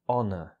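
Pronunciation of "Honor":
'Honor' is said in standard British English: the h is silent, there is no r sound, and the word ends in a schwa vowel sound. The stress is on the first syllable.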